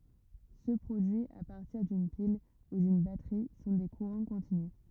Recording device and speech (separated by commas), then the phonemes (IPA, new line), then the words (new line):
rigid in-ear microphone, read sentence
sø pʁodyiz a paʁtiʁ dyn pil u dyn batʁi sɔ̃ de kuʁɑ̃ kɔ̃tinys
Ceux produits à partir d'une pile ou d'une batterie sont des courants continus.